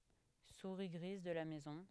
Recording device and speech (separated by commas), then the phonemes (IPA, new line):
headset microphone, read sentence
suʁi ɡʁiz də la mɛzɔ̃